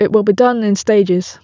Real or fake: real